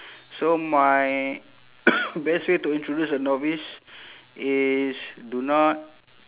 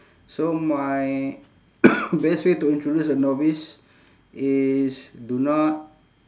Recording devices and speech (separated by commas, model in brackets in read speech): telephone, standing microphone, conversation in separate rooms